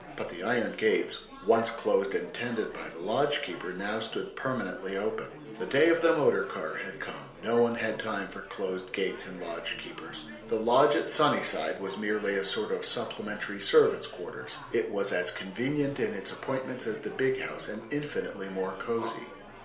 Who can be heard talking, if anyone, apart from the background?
One person.